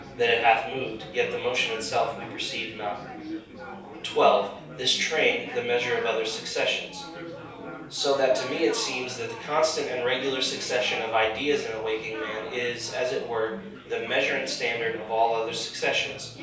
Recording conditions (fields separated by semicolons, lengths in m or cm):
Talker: one person; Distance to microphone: 3.0 m; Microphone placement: far; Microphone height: 1.8 m; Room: small (3.7 m by 2.7 m); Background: babble